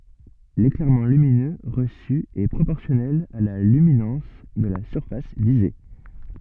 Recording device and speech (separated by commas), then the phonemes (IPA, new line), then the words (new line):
soft in-ear microphone, read sentence
leklɛʁmɑ̃ lyminø ʁəsy ɛ pʁopɔʁsjɔnɛl a la lyminɑ̃s də la syʁfas vize
L'éclairement lumineux reçu est proportionnel à la luminance de la surface visée.